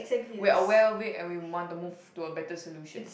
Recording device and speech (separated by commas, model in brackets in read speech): boundary microphone, conversation in the same room